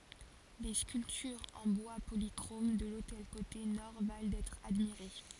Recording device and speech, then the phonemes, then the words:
forehead accelerometer, read sentence
le skyltyʁz ɑ̃ bwa polikʁom də lotɛl kote nɔʁ val dɛtʁ admiʁe
Les sculptures en bois polychrome de l'autel côté nord valent d'être admirées.

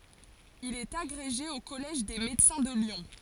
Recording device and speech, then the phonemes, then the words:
forehead accelerometer, read sentence
il ɛt aɡʁeʒe o kɔlɛʒ de medəsɛ̃ də ljɔ̃
Il est agrégé au Collège des Médecins de Lyon.

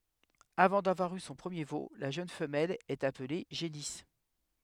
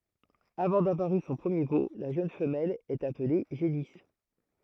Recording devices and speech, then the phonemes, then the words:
headset microphone, throat microphone, read sentence
avɑ̃ davwaʁ y sɔ̃ pʁəmje vo la ʒøn fəmɛl ɛt aple ʒenis
Avant d'avoir eu son premier veau, la jeune femelle est appelée génisse.

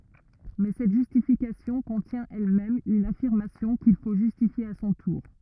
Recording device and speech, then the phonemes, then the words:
rigid in-ear microphone, read sentence
mɛ sɛt ʒystifikasjɔ̃ kɔ̃tjɛ̃ ɛlmɛm yn afiʁmasjɔ̃ kil fo ʒystifje a sɔ̃ tuʁ
Mais cette justification contient elle-même une affirmation, qu'il faut justifier à son tour.

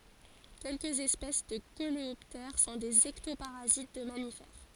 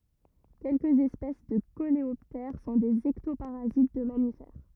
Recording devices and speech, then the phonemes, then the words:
forehead accelerometer, rigid in-ear microphone, read sentence
kɛlkəz ɛspɛs də koleɔptɛʁ sɔ̃ dez ɛktopaʁazit də mamifɛʁ
Quelques espèces de coléoptères sont des ectoparasites de mammifères.

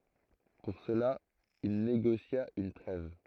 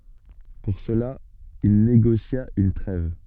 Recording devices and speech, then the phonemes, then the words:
throat microphone, soft in-ear microphone, read sentence
puʁ səla il neɡosja yn tʁɛv
Pour cela, il négocia une trêve.

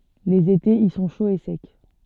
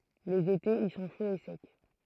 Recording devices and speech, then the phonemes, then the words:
soft in-ear microphone, throat microphone, read sentence
lez etez i sɔ̃ ʃoz e sɛk
Les étés y sont chauds et secs.

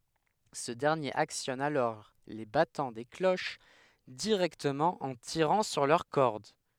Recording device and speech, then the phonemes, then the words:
headset microphone, read sentence
sə dɛʁnjeʁ aksjɔn alɔʁ le batɑ̃ de kloʃ diʁɛktəmɑ̃ ɑ̃ tiʁɑ̃ syʁ lœʁ kɔʁd
Ce dernier actionne alors les battants des cloches directement en tirant sur leurs cordes.

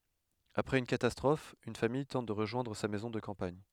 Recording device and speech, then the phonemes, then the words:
headset microphone, read sentence
apʁɛz yn katastʁɔf yn famij tɑ̃t də ʁəʒwɛ̃dʁ sa mɛzɔ̃ də kɑ̃paɲ
Après une catastrophe, une famille tente de rejoindre sa maison de campagne.

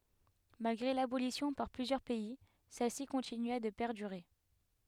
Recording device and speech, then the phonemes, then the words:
headset microphone, read sentence
malɡʁe labolisjɔ̃ paʁ plyzjœʁ pɛi sɛlsi kɔ̃tinya də pɛʁdyʁe
Malgré l’abolition par plusieurs pays, celle-ci continua de perdurer.

